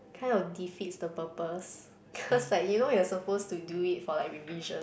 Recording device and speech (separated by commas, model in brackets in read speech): boundary microphone, conversation in the same room